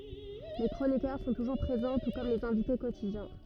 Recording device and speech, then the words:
rigid in-ear microphone, read sentence
Les chroniqueurs sont toujours présents, tout comme les invités quotidiens.

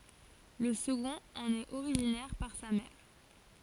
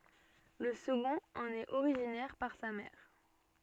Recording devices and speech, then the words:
forehead accelerometer, soft in-ear microphone, read sentence
Le second en est originaire par sa mère.

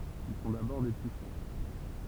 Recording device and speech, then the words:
temple vibration pickup, read sentence
Ils sont d'abord des puissances.

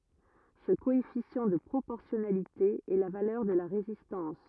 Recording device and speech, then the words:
rigid in-ear microphone, read sentence
Ce coefficient de proportionnalité est la valeur de la résistance.

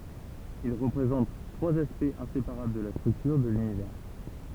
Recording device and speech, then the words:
temple vibration pickup, read sentence
Ils représentent trois aspects inséparables de la structure de l'Univers.

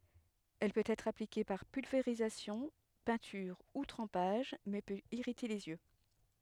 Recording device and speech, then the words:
headset microphone, read sentence
Elle peut être appliquée par pulvérisation, peinture ou trempage mais peut irriter les yeux.

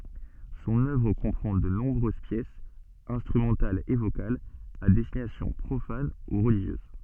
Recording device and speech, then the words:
soft in-ear microphone, read sentence
Son œuvre comprend de nombreuses pièces, instrumentales et vocales, à destination profane ou religieuse.

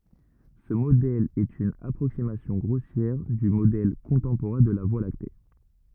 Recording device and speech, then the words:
rigid in-ear microphone, read sentence
Ce modèle est une approximation grossière du modèle contemporain de la Voie lactée.

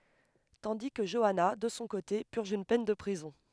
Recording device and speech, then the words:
headset microphone, read sentence
Tandis que Joanna, de son côté, purge une peine de prison.

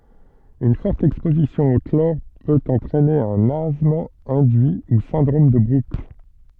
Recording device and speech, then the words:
soft in-ear microphone, read sentence
Une forte exposition au chlore peut entraîner un asthme induit ou syndrome de Brooks.

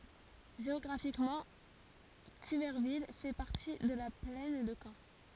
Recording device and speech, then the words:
forehead accelerometer, read sentence
Géographiquement, Cuverville fait partie de la plaine de Caen.

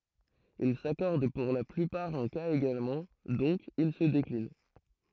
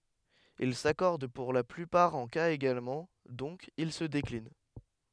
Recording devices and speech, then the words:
throat microphone, headset microphone, read sentence
Il s'accordent pour la plupart en cas également, donc ils se déclinent.

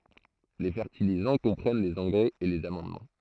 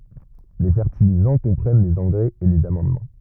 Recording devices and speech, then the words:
throat microphone, rigid in-ear microphone, read sentence
Les fertilisants comprennent les engrais et les amendements.

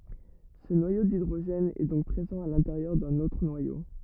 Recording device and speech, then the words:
rigid in-ear microphone, read sentence
Ce noyau d'hydrogène est donc présent à l'intérieur d'un autre noyau.

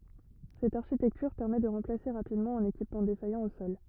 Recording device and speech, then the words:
rigid in-ear microphone, read sentence
Cette architecture permet de remplacer rapidement un équipement défaillant au sol.

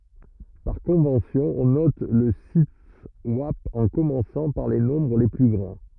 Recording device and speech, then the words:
rigid in-ear microphone, read sentence
Par convention, on note le siteswap en commençant par les nombres les plus grands.

